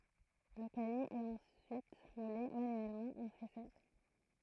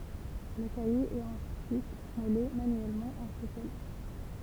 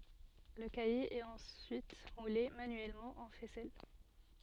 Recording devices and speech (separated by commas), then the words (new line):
throat microphone, temple vibration pickup, soft in-ear microphone, read sentence
Le caillé est ensuite moulé manuellement en faisselle.